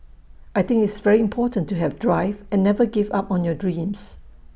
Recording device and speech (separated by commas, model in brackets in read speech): boundary microphone (BM630), read sentence